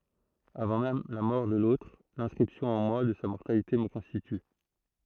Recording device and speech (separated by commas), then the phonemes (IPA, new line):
throat microphone, read sentence
avɑ̃ mɛm la mɔʁ də lotʁ lɛ̃skʁipsjɔ̃ ɑ̃ mwa də sa mɔʁtalite mə kɔ̃stity